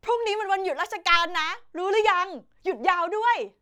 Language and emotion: Thai, happy